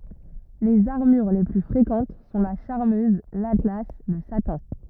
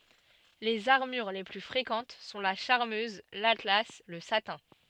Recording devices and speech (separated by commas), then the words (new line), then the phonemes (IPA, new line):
rigid in-ear microphone, soft in-ear microphone, read sentence
Les armures les plus fréquentes sont la charmeuse, l'atlas, le satin.
lez aʁmyʁ le ply fʁekɑ̃t sɔ̃ la ʃaʁmøz latla lə satɛ̃